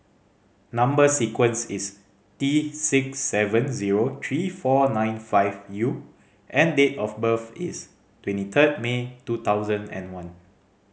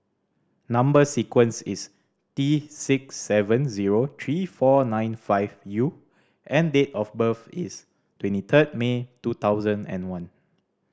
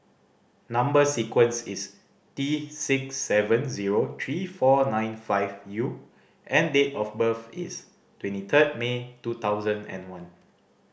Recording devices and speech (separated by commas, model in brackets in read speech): mobile phone (Samsung C5010), standing microphone (AKG C214), boundary microphone (BM630), read sentence